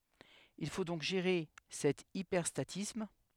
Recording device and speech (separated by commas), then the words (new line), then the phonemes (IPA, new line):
headset microphone, read sentence
Il faut donc gérer cet hyperstatisme.
il fo dɔ̃k ʒeʁe sɛt ipɛʁstatism